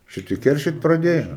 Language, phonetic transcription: Lithuanian, šiˈtie ˈkeršyt praˈdėjo

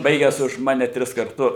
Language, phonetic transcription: Lithuanian, ˈbaigęs už ˈmane ˈtris karˈtu

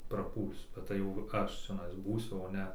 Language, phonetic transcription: Lithuanian, praˈpūlsiu bet ˈtai jau ˈaš čiaˈnais ˈbūsiu o ˈne

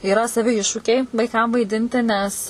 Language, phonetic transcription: Lithuanian, yˈra saˈvi ˈiššūkiai vaiˈkam vaiˈdinti nes

